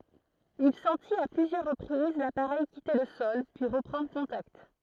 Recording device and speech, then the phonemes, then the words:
throat microphone, read sentence
il sɑ̃tit a plyzjœʁ ʁəpʁiz lapaʁɛj kite lə sɔl pyi ʁəpʁɑ̃dʁ kɔ̃takt
Il sentit à plusieurs reprises l'appareil quitter le sol, puis reprendre contact.

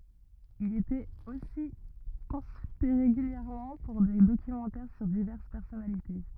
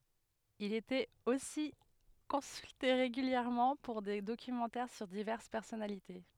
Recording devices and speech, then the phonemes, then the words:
rigid in-ear microphone, headset microphone, read sentence
il etɛt osi kɔ̃sylte ʁeɡyljɛʁmɑ̃ puʁ de dokymɑ̃tɛʁ syʁ divɛʁs pɛʁsɔnalite
Il était aussi consulté régulièrement pour des documentaires sur diverses personnalités.

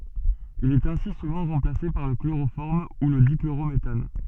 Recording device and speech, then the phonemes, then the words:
soft in-ear microphone, read sentence
il ɛt ɛ̃si suvɑ̃ ʁɑ̃plase paʁ lə kloʁofɔʁm u lə dikloʁometan
Il est ainsi souvent remplacé par le chloroforme ou le dichlorométhane.

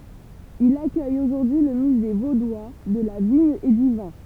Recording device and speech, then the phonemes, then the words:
temple vibration pickup, read sentence
il akœj oʒuʁdyi lə myze vodwa də la viɲ e dy vɛ̃
Il accueille aujourd'hui le Musée vaudois de la vigne et du vin.

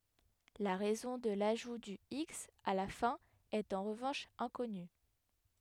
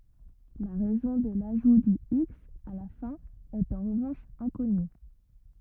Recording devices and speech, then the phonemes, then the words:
headset microphone, rigid in-ear microphone, read sentence
la ʁɛzɔ̃ də laʒu dy iks a la fɛ̃ ɛt ɑ̃ ʁəvɑ̃ʃ ɛ̃kɔny
La raison de l'ajout du x à la fin est en revanche inconnue.

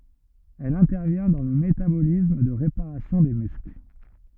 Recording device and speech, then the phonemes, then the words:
rigid in-ear microphone, read sentence
ɛl ɛ̃tɛʁvjɛ̃ dɑ̃ lə metabolism də ʁepaʁasjɔ̃ de myskl
Elle intervient dans le métabolisme de réparation des muscles.

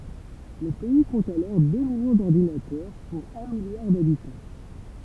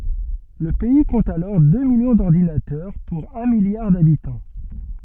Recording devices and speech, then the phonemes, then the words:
temple vibration pickup, soft in-ear microphone, read sentence
lə pɛi kɔ̃t alɔʁ dø miljɔ̃ dɔʁdinatœʁ puʁ œ̃ miljaʁ dabitɑ̃
Le pays compte alors deux millions d'ordinateurs pour un milliard d'habitants.

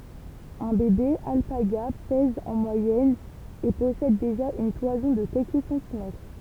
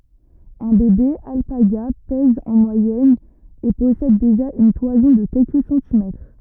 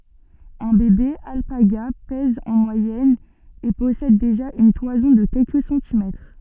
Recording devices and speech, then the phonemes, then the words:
temple vibration pickup, rigid in-ear microphone, soft in-ear microphone, read sentence
œ̃ bebe alpaɡa pɛz ɑ̃ mwajɛn e pɔsɛd deʒa yn twazɔ̃ də kɛlkə sɑ̃timɛtʁ
Un bébé alpaga pèse en moyenne et possède déjà une toison de quelques centimètres.

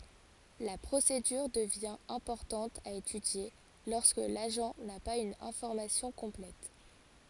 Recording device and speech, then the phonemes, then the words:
forehead accelerometer, read sentence
la pʁosedyʁ dəvjɛ̃ ɛ̃pɔʁtɑ̃t a etydje lɔʁskə laʒɑ̃ na paz yn ɛ̃fɔʁmasjɔ̃ kɔ̃plɛt
La procédure devient importante à étudier lorsque l'agent n'a pas une information complète.

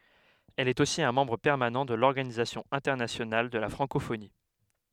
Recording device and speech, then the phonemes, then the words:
headset microphone, read sentence
ɛl ɛt osi œ̃ mɑ̃bʁ pɛʁmanɑ̃ də lɔʁɡanizasjɔ̃ ɛ̃tɛʁnasjonal də la fʁɑ̃kofoni
Elle est aussi un membre permanent de l'Organisation internationale de la francophonie.

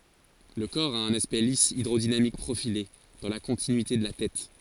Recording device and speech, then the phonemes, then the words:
forehead accelerometer, read sentence
lə kɔʁ a œ̃n aspɛkt lis idʁodinamik pʁofile dɑ̃ la kɔ̃tinyite də la tɛt
Le corps a un aspect lisse hydrodynamique profilé dans la continuité de la tête.

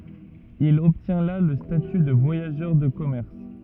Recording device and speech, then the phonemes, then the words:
rigid in-ear microphone, read sentence
il ɔbtjɛ̃ la lə staty də vwajaʒœʁ də kɔmɛʁs
Il obtient là le statut de voyageur de commerce.

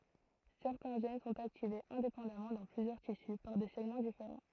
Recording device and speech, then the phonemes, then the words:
throat microphone, read sentence
sɛʁtɛ̃ ʒɛn sɔ̃t aktivez ɛ̃depɑ̃damɑ̃ dɑ̃ plyzjœʁ tisy paʁ de sɛɡmɑ̃ difeʁɑ̃
Certains gènes sont activés indépendamment dans plusieurs tissus par des segments différents.

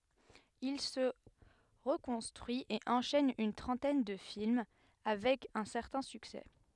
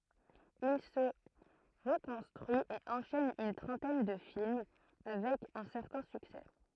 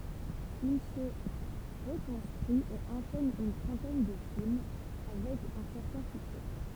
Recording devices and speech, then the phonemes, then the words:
headset microphone, throat microphone, temple vibration pickup, read sentence
il sə ʁəkɔ̃stʁyi e ɑ̃ʃɛn yn tʁɑ̃tɛn də film avɛk œ̃ sɛʁtɛ̃ syksɛ
Il se reconstruit et enchaîne une trentaine de films avec un certain succès.

